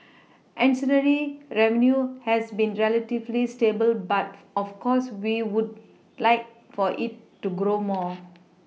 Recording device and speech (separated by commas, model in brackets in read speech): mobile phone (iPhone 6), read sentence